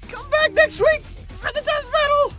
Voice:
In high pitch voice